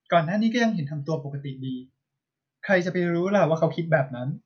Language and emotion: Thai, neutral